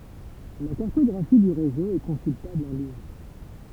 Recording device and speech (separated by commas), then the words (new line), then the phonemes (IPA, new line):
temple vibration pickup, read sentence
La cartographie du réseau est consultable en ligne.
la kaʁtɔɡʁafi dy ʁezo ɛ kɔ̃syltabl ɑ̃ liɲ